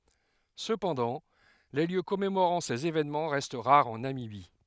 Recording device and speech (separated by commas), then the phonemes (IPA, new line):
headset microphone, read sentence
səpɑ̃dɑ̃ le ljø kɔmemoʁɑ̃ sez evenmɑ̃ ʁɛst ʁaʁz ɑ̃ namibi